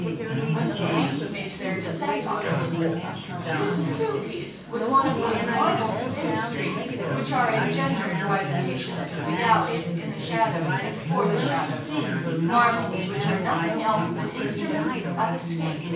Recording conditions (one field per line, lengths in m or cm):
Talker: one person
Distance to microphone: 9.8 m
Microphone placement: far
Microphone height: 1.8 m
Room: large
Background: babble